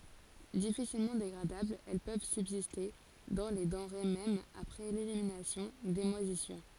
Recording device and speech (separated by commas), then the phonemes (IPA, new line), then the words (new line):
forehead accelerometer, read sentence
difisilmɑ̃ deɡʁadablz ɛl pøv sybziste dɑ̃ le dɑ̃ʁe mɛm apʁɛ leliminasjɔ̃ de mwazisyʁ
Difficilement dégradables, elles peuvent subsister dans les denrées même après l'élimination des moisissures.